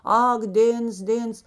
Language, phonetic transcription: Lithuanian, ˈak ˈdėns ˈdėns

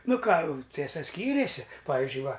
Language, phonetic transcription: Lithuanian, ˈnu ˈką ˈtiesa ˈskyrėsi ˈpavizdžiui ˈva

